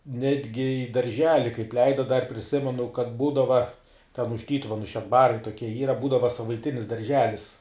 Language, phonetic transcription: Lithuanian, ˈnetgi į darˈželi kaip ˈleida dar priˈsimenu kad ˈbūdava ten už ˈtytuvenu šedˈbarai toˈkie ˈyra ten ˈbūdava savaiˈtinis darˈželis

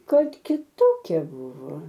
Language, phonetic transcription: Lithuanian, ˈkad kiˈtokia ˈbuvo

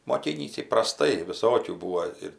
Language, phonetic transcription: Lithuanian, moˈkynįsi praˈstai viˈsokių ˈbūvo ir

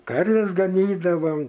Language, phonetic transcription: Lithuanian, ˈkarves gaˈnydavau

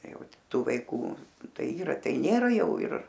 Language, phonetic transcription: Lithuanian, ˈjau ˈtų ˈvaikų ˈtai ˈyra ˈtai ˈnėra ˈjau ir

